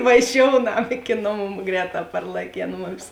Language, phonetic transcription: Lithuanian, vaˈžiounam iki ˈnoˌmų ˈgrēˌtā parlaˈkėn ˈmumis

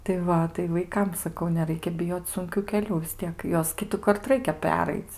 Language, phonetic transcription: Lithuanian, tai ˈva tai vaiˈkam saˈkau neˈraikia biˈjoc sunˈkių keˈlių vis ˈtiek ˈjuos ˈkitukart ˈraikia ˈperaic

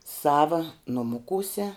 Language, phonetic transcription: Lithuanian, ˈsava nuˈmukūse

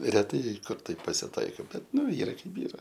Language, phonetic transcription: Lithuanian, reˈtai ˈkur ˈtaip pasiˈtaiko ˈbet ˈnu ˈyra ˈkaip ˈyra

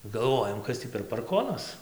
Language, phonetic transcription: Lithuanian, galˈvojam ˈkas tį per parˈkonas

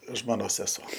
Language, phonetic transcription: Lithuanian, ˈžmonos seˈso

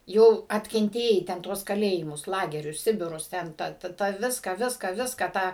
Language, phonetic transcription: Lithuanian, ˈjau atkenˈtėjai ten ˈtuos kaˈlėjimus ˈlagerius ˈsibirus ˈten tą tą ˈviską ˈviską ˈviską tą

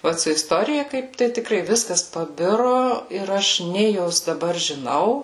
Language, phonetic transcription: Lithuanian, ˈot su isˈtorija ˈkaip tai tiˈkrai ˈviskas paˈbiru ˈir aš ˈnė jos daˈbar žiˈnau

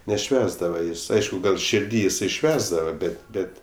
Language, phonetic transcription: Lithuanian, neˈšvęsdava ˈjis ˈaišku ˈgal širˈdy jiˈsai ˈšvęsdava ˈbet' ˈbet'

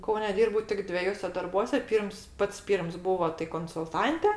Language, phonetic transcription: Lithuanian, ˈkaune ˈdyrbau tik dveˈjuose darˈbuose ˈpyrms ˈpats ˈpyrms ˈbūvo tai konsulˈtante

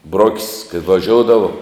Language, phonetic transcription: Lithuanian, ˈbrok's' kai vaˈžioudavo

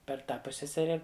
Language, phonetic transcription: Lithuanian, per ˈtą ˈpussesere

